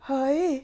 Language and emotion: Thai, happy